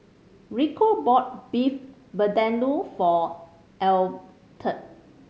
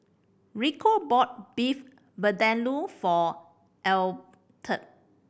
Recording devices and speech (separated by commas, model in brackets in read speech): mobile phone (Samsung C5010), boundary microphone (BM630), read sentence